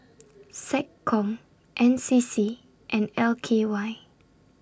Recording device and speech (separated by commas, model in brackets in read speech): standing microphone (AKG C214), read sentence